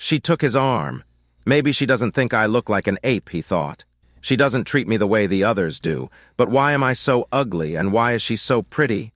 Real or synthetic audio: synthetic